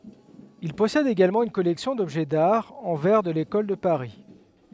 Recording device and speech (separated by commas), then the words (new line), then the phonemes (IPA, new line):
headset microphone, read sentence
Il possède également une collection d’objets d’art en verre de l'École de Paris.
il pɔsɛd eɡalmɑ̃ yn kɔlɛksjɔ̃ dɔbʒɛ daʁ ɑ̃ vɛʁ də lekɔl də paʁi